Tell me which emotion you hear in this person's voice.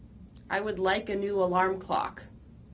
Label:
neutral